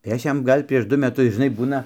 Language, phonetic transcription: Lithuanian, tai ˈaš ˈjam ˈgal' prieš ˈdu meˈtus žiˈnai ˈbūna

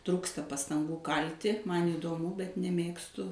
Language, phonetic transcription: Lithuanian, ˈtrūksta pastanˈgų ˈkalti ˈman įdoˈmu bet neˈmėgstu

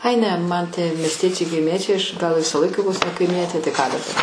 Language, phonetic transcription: Lithuanian, ai ˈne man tie miesˈtiečiai kaiˈmiečiai ˈaš ˈgal ˈvisa ˈlaika ˈvos ne kaiˈmietė tai ką daˈbar

